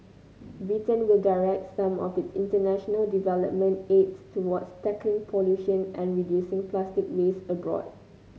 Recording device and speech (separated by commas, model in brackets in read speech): mobile phone (Samsung C9), read sentence